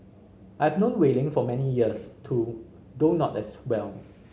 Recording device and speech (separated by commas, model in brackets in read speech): mobile phone (Samsung C5010), read sentence